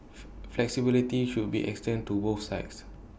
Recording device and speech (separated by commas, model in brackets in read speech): boundary microphone (BM630), read sentence